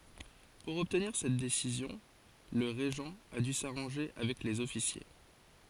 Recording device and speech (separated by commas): forehead accelerometer, read sentence